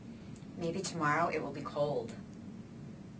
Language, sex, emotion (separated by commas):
English, female, neutral